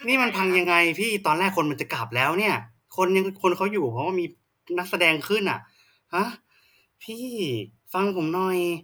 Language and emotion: Thai, frustrated